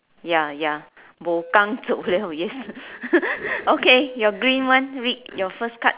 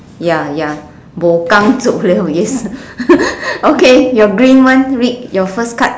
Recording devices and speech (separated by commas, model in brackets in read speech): telephone, standing microphone, conversation in separate rooms